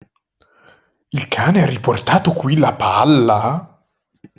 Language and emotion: Italian, surprised